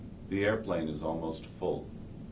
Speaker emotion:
neutral